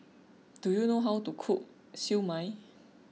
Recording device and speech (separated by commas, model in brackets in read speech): mobile phone (iPhone 6), read sentence